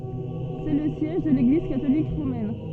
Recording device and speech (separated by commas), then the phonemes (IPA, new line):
soft in-ear microphone, read sentence
sɛ lə sjɛʒ də leɡliz katolik ʁomɛn